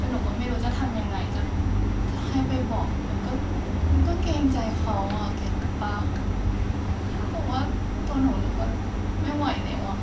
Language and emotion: Thai, sad